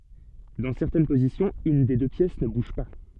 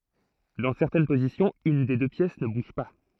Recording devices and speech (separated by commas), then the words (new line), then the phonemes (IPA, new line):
soft in-ear microphone, throat microphone, read sentence
Dans certaines positions, une des deux pièces ne bouge pas.
dɑ̃ sɛʁtɛn pozisjɔ̃z yn de dø pjɛs nə buʒ pa